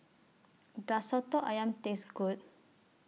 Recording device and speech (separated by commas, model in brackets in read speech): mobile phone (iPhone 6), read sentence